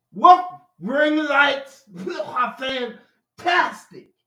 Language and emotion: English, disgusted